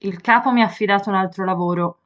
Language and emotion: Italian, neutral